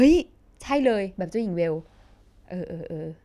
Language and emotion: Thai, happy